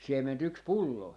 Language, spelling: Finnish, siementä yksi pullo
- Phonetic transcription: 'siem̀en't ‿yks "pullo .

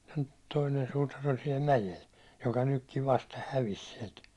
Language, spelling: Finnish, toinen suutari oli siellä mäellä joka nytkin vasta hävisi sieltä
- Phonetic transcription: 'toinen suutar ‿oĺ siɛl "mäjel , joka nykkiv 'vasta 'hävis siɛlt .

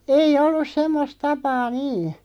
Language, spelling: Finnish, ei ollut semmoista tapaa niin
- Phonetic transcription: ei'ʲ ‿ollus "semmos 'tapaa "nii .

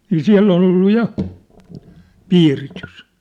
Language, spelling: Finnish, niin siellä oli ollut ja piiritys
- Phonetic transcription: nii "siä̭ll ‿ol 'ollu "ja , 'piiritys .

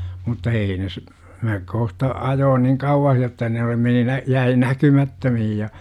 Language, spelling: Finnish, mutta ei ne - minä kohta ajoin niin kauas jotta ne oli meni - jäi näkymättömiin ja
- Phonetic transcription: mutta "ei ne ‿s- , mä , 'kohta , 'ajoon "niŋ 'kauwah jotta ne oli 'meni nä- , 'jäi "näky'mattömihij ja , .

